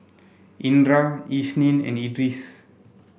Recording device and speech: boundary microphone (BM630), read sentence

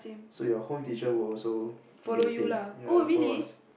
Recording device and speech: boundary microphone, conversation in the same room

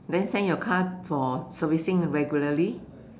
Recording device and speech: standing microphone, conversation in separate rooms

